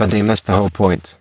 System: VC, spectral filtering